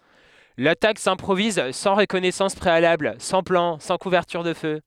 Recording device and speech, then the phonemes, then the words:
headset microphone, read sentence
latak sɛ̃pʁoviz sɑ̃ ʁəkɔnɛsɑ̃s pʁealabl sɑ̃ plɑ̃ sɑ̃ kuvɛʁtyʁ də fø
L'attaque s'improvise sans reconnaissance préalable, sans plan, sans couverture de feu.

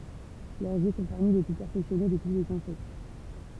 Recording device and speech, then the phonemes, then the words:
temple vibration pickup, read sentence
lœʁz jø sɔ̃ paʁmi le ply pɛʁfɛksjɔne də tu lez ɛ̃sɛkt
Leurs yeux sont parmi les plus perfectionnés de tous les insectes.

